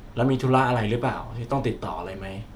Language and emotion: Thai, neutral